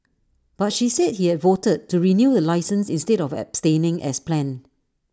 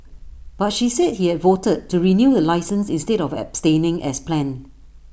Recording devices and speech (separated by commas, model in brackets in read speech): standing microphone (AKG C214), boundary microphone (BM630), read sentence